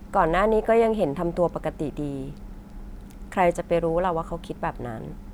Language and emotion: Thai, frustrated